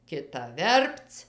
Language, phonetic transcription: Lithuanian, kiˈta ˈverpc

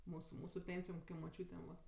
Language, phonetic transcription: Lithuanian, ˈmūsu ˈmūsu ˈpėnsijom koˈkiom moˈčiūtėm va

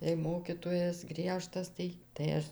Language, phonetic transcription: Lithuanian, jei ˈmokytojas ˈgriežtas ˈtai tai ˈaš

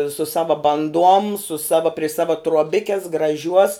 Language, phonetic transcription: Lithuanian, su ˈsava banˈduom su ˈsava pri ˈsava truoˈbikes graˈžiuos

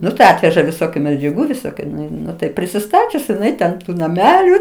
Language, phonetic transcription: Lithuanian, ˈnu tai ˈatveža viˈsokiu medžiaˈgų viˈsokiu ˈnu i ˈnu tai prisiˈstačius jiˈnai ten ˈtų naˈmelių

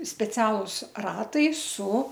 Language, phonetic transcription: Lithuanian, speˈcialus ˈratai su

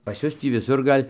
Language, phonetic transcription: Lithuanian, pas ˈjus tį viˈsur ˈgal'

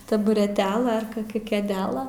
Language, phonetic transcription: Lithuanian, tabureˈtela ar koˈkia kėˈdela

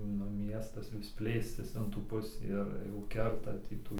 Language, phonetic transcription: Lithuanian, nu ˈmiestas vis ˈplėstis in tų ˈpusį ir jau ˈkerta ˈtį tų

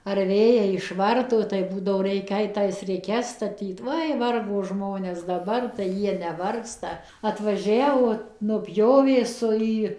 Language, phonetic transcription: Lithuanian, ar ˈvėjai išˈvarto tai ˈbūdavo ˈreikia ˈait ˈtais riˈkes staˈtyt ˈoi ˈvargo ˈžmones daˈbar tai ˈjie neˈvargsta atvaˈžiavo nuˈpjovė ˈsu ˈį

